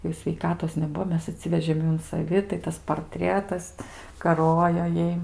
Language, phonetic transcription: Lithuanian, jau sveiˈkatos neˈbuo ˈmes aˈtsivežėm ˈjų un saˈvi tai ˈtas parˈtrietas kaˈrojo ˈjai

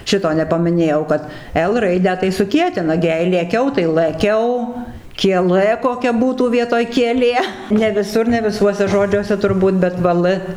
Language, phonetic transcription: Lithuanian, ˈšito nepamiˈnėjau kad el ˈraidę tai suˈkietina ˈgi jei lėˈkiau tai lɘˈkiau kieˈlɘ koˈkia ˈbūtų ˈvietoj kieˈlė ne viˈsur ne viˈsuose ˈžodžiuose turˈbūt bet ˈva l

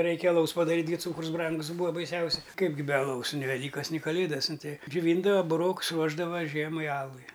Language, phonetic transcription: Lithuanian, ˈreikia aˈlaus paˈdaryt' ˈgi ˈcūkrus ˈbrangus ˈbūa baiˈsiausia ˈkaip gi be aˈlaus ni veˈlykas ni kaˈlėdas ˈnu ˈtei džiuˈvyndava buˈroks ˈruošdava ˈžiemai ˈalui

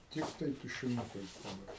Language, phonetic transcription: Lithuanian, ˈtiktai tušiˈnukais daˈbar

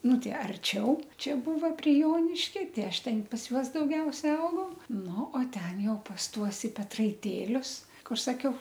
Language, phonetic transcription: Lithuanian, ˈnu ˈtai arˈčiau ˈčia ˈbūva pri ˈjoniškia ˈti ˈaš ˈten pas ˈjuos dauˈgiausia ˈaugau ˈnu o ˈten ˈjau pas ˈtuos i petraiˈtėlius ˈkur saˈkiau

